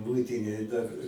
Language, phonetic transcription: Lithuanian, ˈmuitinėj dar

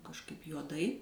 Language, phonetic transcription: Lithuanian, kažˈkaip juoˈdai

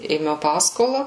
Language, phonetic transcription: Lithuanian, ėˈmiau ˈpaskola

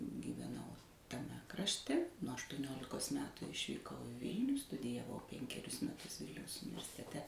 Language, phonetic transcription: Lithuanian, giveˈnau taˈme krašˈte nuo aštuoˈniolikos ˈmetu išvyˈkau i ˈvilnių studijaˈvau ˈpenkerius meˈtus ˈvilniaus universiteˈte

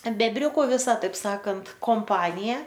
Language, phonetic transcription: Lithuanian, bebˈriuku viˈsa taip ˈsakant komˈpanija

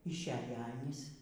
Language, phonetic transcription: Lithuanian, išˈeja ˈanys

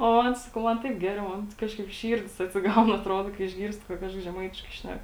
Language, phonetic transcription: Lithuanian, o ˈmon ˈsakau ˈman ˈtaip ˈgeriau ˈmon ˈkažkaip ˈšyrdis atsiˈgaun atˈrodo išˈgyrsti ka ˈkažkas žeˈmaitiškai ˈšnæk

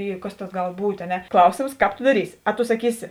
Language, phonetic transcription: Lithuanian, ˈy kas tas ˈgal ˈbūt' a ˈne ˈklausėms ˈkāp to daˈrysi a to saˈkysi

